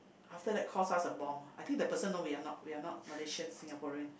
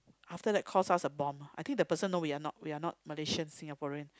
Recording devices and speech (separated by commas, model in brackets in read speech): boundary microphone, close-talking microphone, conversation in the same room